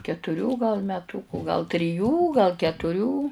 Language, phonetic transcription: Lithuanian, ketuˈrių gal meˈtūku gal triˈjų gal ketuˈrių

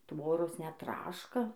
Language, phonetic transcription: Lithuanian, ˈtvoros net ˈtraška

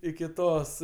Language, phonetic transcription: Lithuanian, iki ˈtos

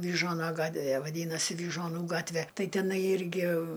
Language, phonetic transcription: Lithuanian, vyˈžuona ˈgatve vaˈdynasi vyžuoˈnų ˈgatve ˈtai teˈnai ˈirgi

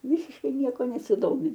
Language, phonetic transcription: Lithuanian, ˈvisiškai ˈnieko nesiˈdomi

